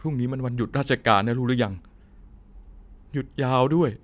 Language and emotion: Thai, frustrated